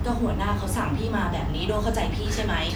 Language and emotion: Thai, frustrated